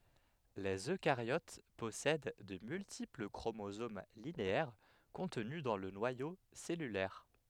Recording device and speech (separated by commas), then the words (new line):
headset microphone, read sentence
Les eucaryotes possèdent de multiples chromosomes linéaires contenus dans le noyau cellulaire.